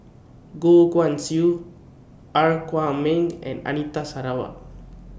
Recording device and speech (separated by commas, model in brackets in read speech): boundary microphone (BM630), read sentence